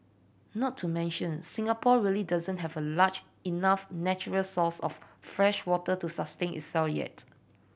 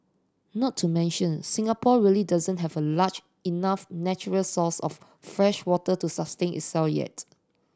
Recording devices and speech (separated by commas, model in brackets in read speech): boundary microphone (BM630), standing microphone (AKG C214), read sentence